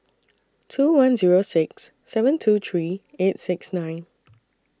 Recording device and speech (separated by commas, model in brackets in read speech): standing microphone (AKG C214), read sentence